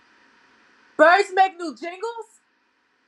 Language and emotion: English, fearful